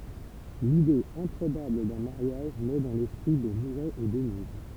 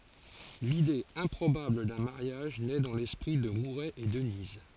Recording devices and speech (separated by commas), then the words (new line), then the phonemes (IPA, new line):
temple vibration pickup, forehead accelerometer, read sentence
L'idée improbable d'un mariage naît dans l'esprit de Mouret et Denise.
lide ɛ̃pʁobabl dœ̃ maʁjaʒ nɛ dɑ̃ lɛspʁi də muʁɛ e dəniz